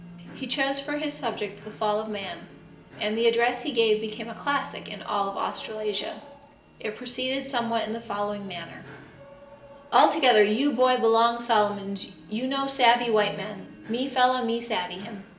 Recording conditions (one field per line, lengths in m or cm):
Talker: one person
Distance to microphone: 1.8 m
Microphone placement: close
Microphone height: 1.0 m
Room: large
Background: television